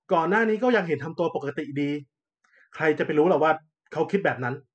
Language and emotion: Thai, angry